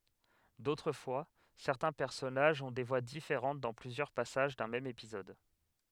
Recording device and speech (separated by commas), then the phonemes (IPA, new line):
headset microphone, read sentence
dotʁ fwa sɛʁtɛ̃ pɛʁsɔnaʒz ɔ̃ de vwa difeʁɑ̃t dɑ̃ plyzjœʁ pasaʒ dœ̃ mɛm epizɔd